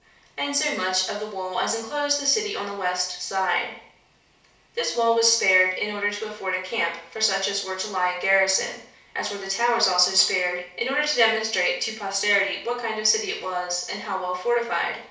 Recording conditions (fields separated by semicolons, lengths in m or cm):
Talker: one person; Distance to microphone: 3.0 m; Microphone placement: far; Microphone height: 1.8 m; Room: small (3.7 m by 2.7 m); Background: none